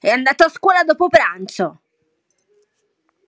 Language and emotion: Italian, angry